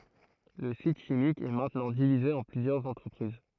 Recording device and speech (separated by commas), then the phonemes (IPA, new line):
throat microphone, read sentence
lə sit ʃimik ɛ mɛ̃tnɑ̃ divize ɑ̃ plyzjœʁz ɑ̃tʁəpʁiz